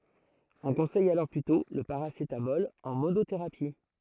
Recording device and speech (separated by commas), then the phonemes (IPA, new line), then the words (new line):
throat microphone, read sentence
ɔ̃ kɔ̃sɛj alɔʁ plytɔ̃ lə paʁasetamɔl ɑ̃ monoteʁapi
On conseille alors plutôt le paracétamol en monothérapie.